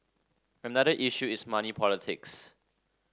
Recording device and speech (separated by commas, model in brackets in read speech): standing microphone (AKG C214), read sentence